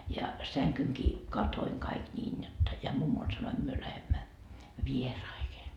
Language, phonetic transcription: Finnish, ja 'säŋkyŋkii , "katoiŋ kaik 'ńiin jotta , ja 'mummol sanoim 'myö lähemmä , "vieraihe .
- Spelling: ja sängynkin katoin kaikki niin jotta ja mummolle sanoin me lähdemme vieraisiin

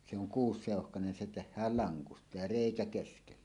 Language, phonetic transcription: Finnish, se ‿oŋ 'kuus'sèohkanen 'se 'teh̆hääl "laŋkusta ja "rèikä keskelle .
- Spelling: se on kuusiseuhkainen se tehdään lankusta ja reikä keskelle

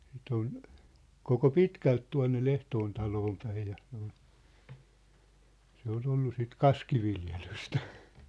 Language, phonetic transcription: Finnish, sit ‿on , 'koko "pitkält 'tua̭nne 'ʟehtoon taloom päij ja , sᴇ ‿ᴏʟ , se ‿o'l ‿ollu sit "kaskiviljelystä .
- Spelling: sitä on koko pitkälti tuonne Lehtoon taloon päin ja se oli se oli ollut sitten kaskiviljelystä

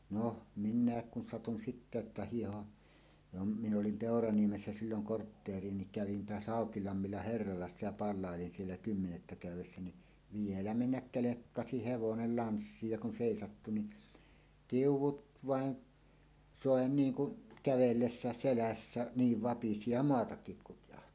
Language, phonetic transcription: Finnish, 'no , "min̆nä̀ek kun satun sittä että 'hiiho’ , jo m- 'mi ‿nolim "Pèoraniemessä 'silloŋ 'kortteer̀ie niŋ kävin toas 'Hàokilammilla "herralassa ja 'pal̆làelin siellä "kymmenettä 'kä̀yw̆wessä ni , "vielä "mennäk "kelekkasi "hevonel "lanssiij ja kun 'sèisattu ni , "tiuw̆wut "vàen , "sòe 'niiŋ kun , 'kävellessä̀es selässä , "niiv 'vapisi ja "moatakkik 'kutjahti .
- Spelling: no minäkin kun satuin sitten että hiihdin jo - minä olin Peuraniemessä silloin kortteeria niin kävin taas Haukilammilla herralassa ja palvelin siellä kymmenettä käydessä niin vielä mennä kelkkasi hevonen lanssiin ja kun seisahtui niin tiu'ut vain soi niin kuin kävellessä selässä niin vapisi ja maatakin kutjahti

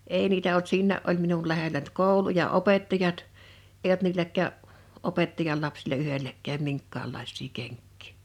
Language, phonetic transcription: Finnish, 'èi niitä olt "siinnä̀’ ’ol minul lähelä nʸt "kòulu ja "opettajat , èij ‿olt 'niiläk̆kää’ , '’opettajal 'lapsila 'yhelläk̆kääm 'miŋkkaallàis̆sii 'keŋkkɪɪ .
- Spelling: ei niitä ollut siinä oli minun lähellä nyt koulu ja opettajat ei ollut niilläkään opettajan lapsilla yhdelläkään minkäänlaisia kenkiä

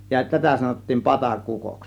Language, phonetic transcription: Finnish, ja 'tätä sanottiin "patakukos .
- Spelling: ja tätä sanottiin patakukoksi

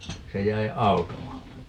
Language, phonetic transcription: Finnish, 'se jäi "auto 'alle .
- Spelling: se jäi auton alle

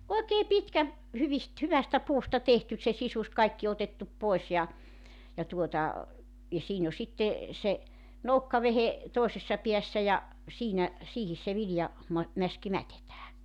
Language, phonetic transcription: Finnish, oekee 'pitkä , 'hyvist , 'hyvästä 'puusta 'tehtys se 'sisus , 'kaikki otettup 'poes ja , ja 'tuota , ja 'siin ‿o 'sitte , se , "noukkavehe , 'tòesessa 'piässä ja , 'siinä , "siihis se 'vilja- , -ma- , -'mäski 'mätetää .
- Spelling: oikein pitkä hyvistä hyvästä puusta tehty se sisus kaikki otettu pois ja ja tuota ja siinä on sitten se nokkavehje toisessa päässä ja siinä siihen se - - mäski mätetään

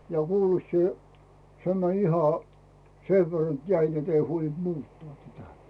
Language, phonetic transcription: Finnish, ja 'kuulet 'sie , 'se mäń iha , sev ver net 'jäi net ‿ei 'huolint 'muuttᵒà tätä .
- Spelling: ja kuulet sinä se meni ihan sen verran että jäi että ei huolinut muuttaa tätä

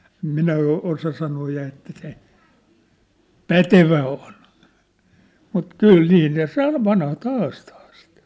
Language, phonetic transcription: Finnish, ᵉm 'minä o- , 'osa sanoo ja että se , "pätevä on , mut "kyl 'nii ne "sa- vanhat "haastᴀᴀ sɪt .
- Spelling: en minä - osaa sanoa ja että se pätevä on mutta kyllä niin ne - vanhat haastaa sitä

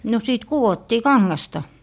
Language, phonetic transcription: Finnish, no sìt "kuwottii "kaŋŋasta .
- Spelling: no sitten kudottiin kangasta

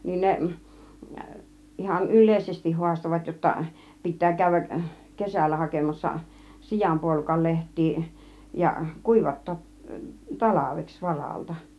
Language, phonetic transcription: Finnish, niin 'neˀ , 'ihan "yl̆lèisestih 'hu̬astovat jotta , 'pit̆tää 'kä̀y̆v̆väk , "kesällä hakemassa , "sijampuolukal 'leht̆tii , ja , "kùivat̀toot , "talaveks 'varalta .
- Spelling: niin ne ihan yleisesti haastoivat jotta pitää käydä kesällä hakemassa sianpuolukan lehtiä ja kuivattaa talveksi varalta

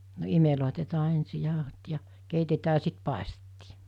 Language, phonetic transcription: Finnish, no 'imelòitetaa 'ensi 'jàohot ja , "keitetää( ‿a) 'sit pàᵉstettii .
- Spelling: no imelletään ensin jauhot ja keitetään ja sitten paistettiin

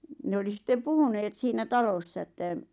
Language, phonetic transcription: Finnish, 'ne oli 'sⁱtte "puhuneet 'siinä 'talossa että , - -.
- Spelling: ne oli sitten puhuneet siinä talossa että

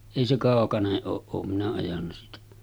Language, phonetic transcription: Finnish, èi se 'kàokaneˀ ˀooˀ 'ˀoom minä ajanna siitä .
- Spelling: ei se kaukainen ole olen minä ajanut siitä

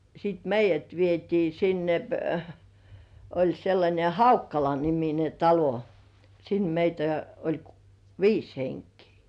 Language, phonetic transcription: Finnish, (ja) sit "meij̆jät vietii 'sinne , oĺ sellańe "Haukkala-nimine 'talo , sin meitä oĺ k- , "viis heŋkii .
- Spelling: ja sitten meidät vietiin sinne oli sellainen Haukkala-niminen talo sinne meitä oli - viisi henkeä

